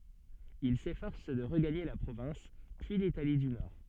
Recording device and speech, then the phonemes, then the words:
soft in-ear microphone, read sentence
il sefɔʁs də ʁəɡaɲe la pʁovɛ̃s pyi litali dy nɔʁ
Il s'efforce de regagner la province, puis l'Italie du Nord.

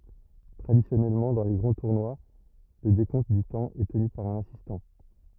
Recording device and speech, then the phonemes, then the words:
rigid in-ear microphone, read sentence
tʁadisjɔnɛlmɑ̃ dɑ̃ le ɡʁɑ̃ tuʁnwa lə dekɔ̃t dy tɑ̃ ɛ təny paʁ œ̃n asistɑ̃
Traditionnellement, dans les grands tournois, le décompte du temps est tenu par un assistant.

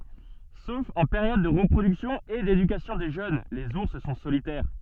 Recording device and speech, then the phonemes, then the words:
soft in-ear microphone, read sentence
sof ɑ̃ peʁjɔd də ʁəpʁodyksjɔ̃ e dedykasjɔ̃ de ʒøn lez uʁs sɔ̃ solitɛʁ
Sauf en période de reproduction et d'éducation des jeunes, les ours sont solitaires.

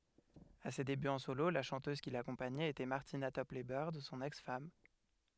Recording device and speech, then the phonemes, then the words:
headset microphone, read sentence
a se debyz ɑ̃ solo la ʃɑ̃tøz ki lakɔ̃paɲɛt etɛ maʁtina tɔplɛ bœʁd sɔ̃n ɛks fam
À ses débuts en solo, la chanteuse qui l'accompagnait était Martina Topley-Bird, son ex-femme.

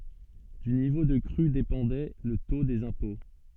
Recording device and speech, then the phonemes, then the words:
soft in-ear microphone, read sentence
dy nivo də kʁy depɑ̃dɛ lə to dez ɛ̃pɔ̃
Du niveau de crue dépendait le taux des impôts.

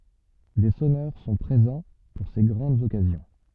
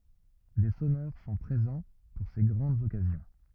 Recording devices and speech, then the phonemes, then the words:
soft in-ear microphone, rigid in-ear microphone, read sentence
de sɔnœʁ sɔ̃ pʁezɑ̃ puʁ se ɡʁɑ̃dz ɔkazjɔ̃
Des sonneurs sont présents pour ces grandes occasions.

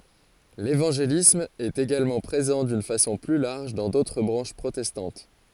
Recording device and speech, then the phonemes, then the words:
forehead accelerometer, read sentence
levɑ̃ʒelism ɛt eɡalmɑ̃ pʁezɑ̃ dyn fasɔ̃ ply laʁʒ dɑ̃ dotʁ bʁɑ̃ʃ pʁotɛstɑ̃t
L’évangélisme est également présent d’une façon plus large dans d’autres branches protestantes.

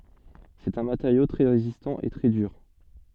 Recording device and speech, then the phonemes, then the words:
soft in-ear microphone, read sentence
sɛt œ̃ mateʁjo tʁɛ ʁezistɑ̃ e tʁɛ dyʁ
C'est un matériau très résistant et très dur.

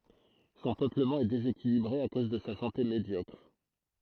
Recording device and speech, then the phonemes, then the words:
throat microphone, read sentence
sɔ̃ pøpləmɑ̃ ɛ dezekilibʁe a koz də sa sɑ̃te medjɔkʁ
Son peuplement est déséquilibré à cause de sa santé médiocre.

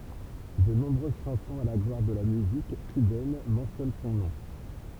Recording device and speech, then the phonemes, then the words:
temple vibration pickup, read sentence
də nɔ̃bʁøz ʃɑ̃sɔ̃z a la ɡlwaʁ də la myzik kybɛn mɑ̃sjɔn sɔ̃ nɔ̃
De nombreuses chansons à la gloire de la musique cubaine mentionnent son nom.

